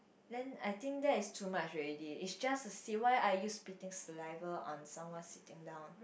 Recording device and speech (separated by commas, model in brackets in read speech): boundary microphone, conversation in the same room